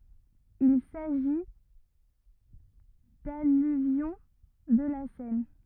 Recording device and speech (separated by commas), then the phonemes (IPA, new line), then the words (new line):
rigid in-ear microphone, read sentence
il saʒi dalyvjɔ̃ də la sɛn
Il s'agit d'alluvions de la Seine.